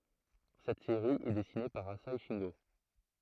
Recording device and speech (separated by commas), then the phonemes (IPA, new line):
throat microphone, read sentence
sɛt seʁi ɛ dɛsine paʁ aze ʃɛ̃ɡo